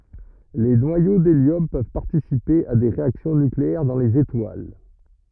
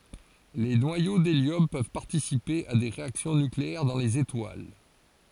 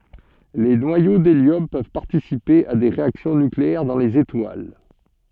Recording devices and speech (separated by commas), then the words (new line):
rigid in-ear microphone, forehead accelerometer, soft in-ear microphone, read sentence
Les noyaux d'hélium peuvent participer à des réactions nucléaires dans les étoiles.